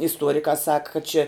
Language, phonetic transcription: Lithuanian, isˈtuorikā sak kad čia

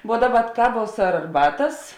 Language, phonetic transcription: Lithuanian, vuo ˈdaˌba ˈkaˌvuos ar arˈbatas

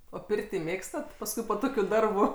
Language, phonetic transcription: Lithuanian, o ˈpirtį ˈmėgstat pasˈkui po ˈtokiu ˈdarbu

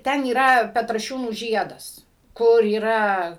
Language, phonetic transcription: Lithuanian, ˈten yˈra petraˈšiūnų ˈžiedas ˈkur yˈra

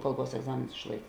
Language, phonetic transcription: Lithuanian, ˈkalˌbuos egˈzamėnus išˈlaik

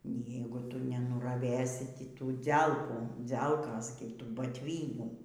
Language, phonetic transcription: Lithuanian, ˈny ˈjeigu ˈtu nenuraˈvės ˈtį ˈtų ˈdzelkų ˈdzelkos gi ˈtų batˈvynių

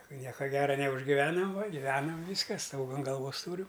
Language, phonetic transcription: Lithuanian, ˈnieka ˈgera neužgiˈvenam va giˈvenam ˈvyska ˈstoga an galˈvos ˈtūriu

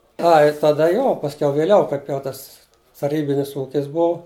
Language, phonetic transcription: Lithuanian, ˈai taˈda ˈjo pasˈkiau viˈliau ˈkaip jau ˈtas taˈrybinis ˈūkis ˈbuu

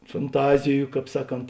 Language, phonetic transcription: Lithuanian, fanˈtaziju ˈkāp ˈsaˌkont

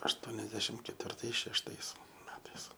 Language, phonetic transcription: Lithuanian, ašˈtuoniasdešim ketvirˈtais šešˈtais ˈmetais

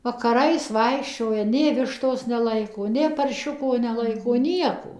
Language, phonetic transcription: Lithuanian, vakaˈrais ˈvaikščioja nė ˈvištos neˈlaiko nė parˈšiuko neˈlaiko ˈnieko

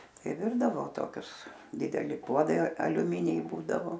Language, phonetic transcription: Lithuanian, ˈtai ˈvirdavo toˈkius dideˈli ˈpuodai aliuˈminiai ˈbūdavo

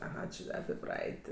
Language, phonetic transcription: Lithuanian, aˈha či api ˈpraeit'

